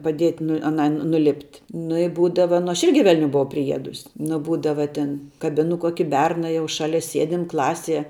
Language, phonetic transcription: Lithuanian, paˈdiet' nu aˈnai nuˈlipt' nu i ˈbūdava nu ˈaš ˈirgi velˈniu buˈvau priˈiedus' nu ˈbūdava ˈtin kaˈbinu ˈkuoki ˈberna ˈjau ˈšalia ˈsiedim ˈklasie

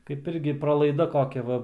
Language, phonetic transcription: Lithuanian, kaip ˈirgi pralaiˈda ˈkokia ˈva

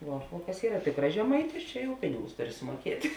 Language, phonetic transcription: Lithuanian, ˈvuo o kas ˈyra ˈtikras žeˈmaitis ˈčia jau ˈpinigus ˈtuˌri sumuoˈkiet'

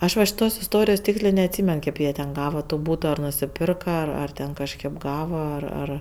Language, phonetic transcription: Lithuanian, ˈaš va šiˈtos isˈtorijos ˈtykslė neatˈsymen ˈkėp jie ten ˈgava to ˈbūto ar nusiˈpirka ar ten kažˈkėp ˈgavo ar ˈar

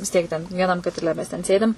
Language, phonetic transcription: Lithuanian, vis ˈtiek ten vieˈnam katiˈle mes ten ˈsėdim

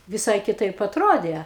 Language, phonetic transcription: Lithuanian, viˈsai kiˈtaip atˈrodė

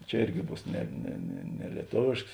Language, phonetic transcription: Lithuanian, ˈčia ˈirgi ˈbūs ˈne ne ne ne lieˈtovėšks

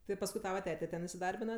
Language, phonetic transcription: Lithuanian, tai pasˈkui ˈtava ˈtete ˈten isiˈdarbina

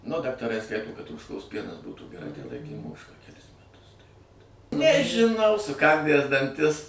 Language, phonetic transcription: Lithuanian, nu daktaˈrai ˈskaito kad ožˈkos ˈpienas ˈbūtų geˈrai tai ˈlaikėm ˈožką keˈlis meˈtus tai vat nežiˈnau suˈkandæs danˈtis

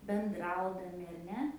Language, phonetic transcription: Lithuanian, benˈdraudami ar ˈne

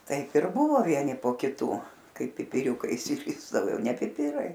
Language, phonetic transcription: Lithuanian, ˈtaip ir ˈbuvo ˈvieni po kiˈtų ˈkai pipiˈriūkai išsiˈrisdavo ˈjau ne piˈpirai

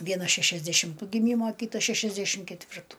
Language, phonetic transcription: Lithuanian, ˈvienas šešiasdešimˈtų giˈmymo ˈkytas ˈšešiasdešim ketˈvirtu

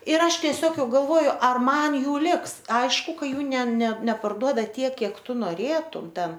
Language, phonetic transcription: Lithuanian, ir ˈaš tieˈsiog ˈjau galˈvoju ˈar ˈman ˈjų ˈliks ˈaišku ˈka ˈjų ne ne neparˈduoda ˈtiek ˈkiek ˈtu noˈrėtum ˈten

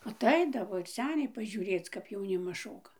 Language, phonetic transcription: Lithuanian, aˈtaidavo ir ˈseniai pažiuˈrėc kap jauˈnimas ˈšoka

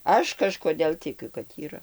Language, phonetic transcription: Lithuanian, ˈaš kažkoˈdėl tiˈkiu kad yˈra

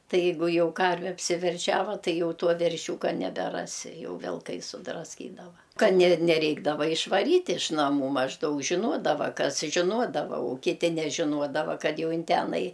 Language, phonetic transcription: Lithuanian, ˈtai ˈjeigu ˈjau ˈkarve apsiverˈšiava ˈtai ˈjau ˈtuo verˈšiūka nebeˈrasi ˈjau vilˈkai sudrasˈkydava ˈkad ne neˈreikdava išvaˈryt' iš naˈmų mažˈdaug žiˈnuodava ˈkas žiˈnuodava u kiˈti nežiˈnuodava ˈkad ˈjau ˈin ˈtenai

